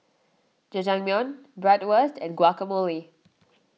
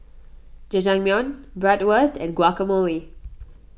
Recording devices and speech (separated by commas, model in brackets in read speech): mobile phone (iPhone 6), boundary microphone (BM630), read sentence